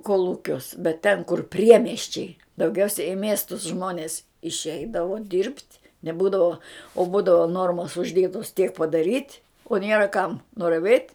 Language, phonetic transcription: Lithuanian, kolˈūkiuos bet ten kur ˈpriemiesčiai dauˈgiausia i ˈmiestus ˈžmonės išˈeidavo dirbt' neˈbūdavo o ˈbūdavo ˈnormos užˈdėtos tiek padaˈryt' o ˈnėra kam nuraˈvėt'

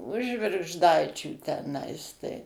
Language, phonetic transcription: Lithuanian, už žvirgžˈdaičių teˈnais tai

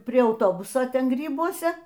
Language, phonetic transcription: Lithuanian, prie auˈtobuso ˈten ˈgrybuose

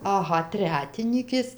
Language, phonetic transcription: Lithuanian, aˈha ˈtretinykės

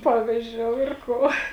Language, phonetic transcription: Lithuanian, ˈpavizdžiou ir ˈko

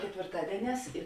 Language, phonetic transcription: Lithuanian, ketvėrˈtadieˌnēs i

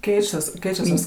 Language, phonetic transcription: Lithuanian, ˈkeičias ˈkeičias tas

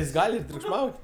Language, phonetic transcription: Lithuanian, jis ˈgal' ir triukšˈmaut'

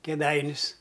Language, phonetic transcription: Lithuanian, kėˈdainius

